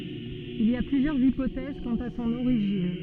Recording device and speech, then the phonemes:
soft in-ear microphone, read sentence
il i a plyzjœʁz ipotɛz kɑ̃t a sɔ̃n oʁiʒin

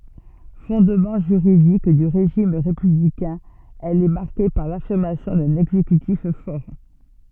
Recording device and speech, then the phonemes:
soft in-ear microphone, read sentence
fɔ̃dmɑ̃ ʒyʁidik dy ʁeʒim ʁepyblikɛ̃ ɛl ɛ maʁke paʁ lafiʁmasjɔ̃ dœ̃n ɛɡzekytif fɔʁ

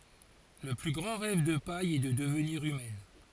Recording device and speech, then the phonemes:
forehead accelerometer, read sentence
lə ply ɡʁɑ̃ ʁɛv də paj ɛ də dəvniʁ ymɛn

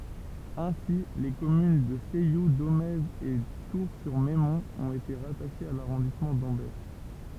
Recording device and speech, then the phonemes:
temple vibration pickup, read sentence
ɛ̃si le kɔmyn də sɛju domɛz e tuʁsyʁmɛmɔ̃t ɔ̃t ete ʁataʃez a laʁɔ̃dismɑ̃ dɑ̃bɛʁ

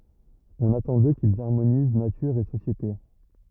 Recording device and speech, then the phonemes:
rigid in-ear microphone, read sentence
ɔ̃n atɑ̃ dø kilz aʁmoniz natyʁ e sosjete

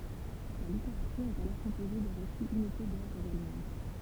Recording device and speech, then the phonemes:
temple vibration pickup, read sentence
la liteʁatyʁ ɛt alɔʁ kɔ̃poze də ʁesiz imite dœvʁz almɑ̃d

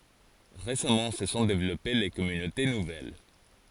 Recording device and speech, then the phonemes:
forehead accelerometer, read sentence
ʁesamɑ̃ sə sɔ̃ devlɔpe le kɔmynote nuvɛl

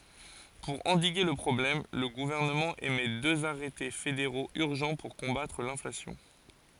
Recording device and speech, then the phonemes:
forehead accelerometer, read sentence
puʁ ɑ̃diɡe lə pʁɔblɛm lə ɡuvɛʁnəmɑ̃ emɛ døz aʁɛte fedeʁoz yʁʒɑ̃ puʁ kɔ̃batʁ lɛ̃flasjɔ̃

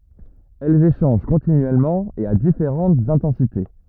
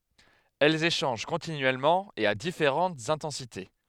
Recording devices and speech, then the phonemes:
rigid in-ear microphone, headset microphone, read sentence
ɛlz eʃɑ̃ʒ kɔ̃tinyɛlmɑ̃ e a difeʁɑ̃tz ɛ̃tɑ̃site

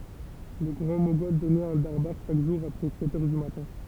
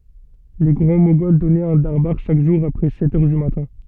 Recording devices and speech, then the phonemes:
temple vibration pickup, soft in-ear microphone, read sentence
le ɡʁɑ̃ moɡɔl dɔnɛt œ̃ daʁbaʁ ʃak ʒuʁ apʁɛ sɛt œʁ dy matɛ̃

